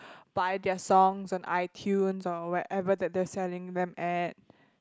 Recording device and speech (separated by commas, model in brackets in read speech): close-talking microphone, conversation in the same room